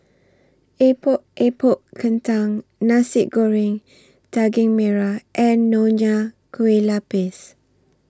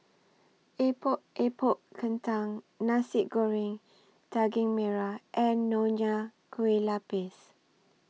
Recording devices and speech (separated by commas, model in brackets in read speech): standing microphone (AKG C214), mobile phone (iPhone 6), read sentence